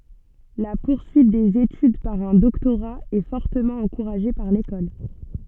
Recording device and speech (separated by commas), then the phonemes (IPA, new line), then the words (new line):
soft in-ear microphone, read sentence
la puʁsyit dez etyd paʁ œ̃ dɔktoʁa ɛ fɔʁtəmɑ̃ ɑ̃kuʁaʒe paʁ lekɔl
La poursuite des études par un doctorat est fortement encouragée par l'école.